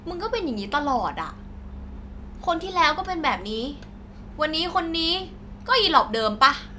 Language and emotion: Thai, frustrated